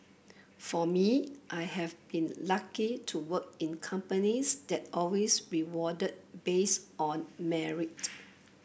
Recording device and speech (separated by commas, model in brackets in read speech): boundary microphone (BM630), read sentence